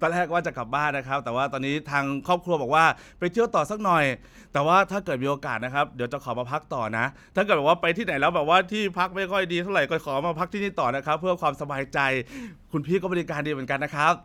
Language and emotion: Thai, happy